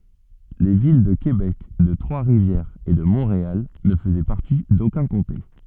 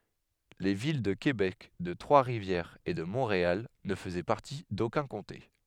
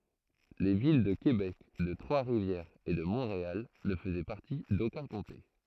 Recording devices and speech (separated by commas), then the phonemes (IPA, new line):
soft in-ear microphone, headset microphone, throat microphone, read sentence
le vil də kebɛk də tʁwasʁivjɛʁz e də mɔ̃ʁeal nə fəzɛ paʁti dokœ̃ kɔ̃te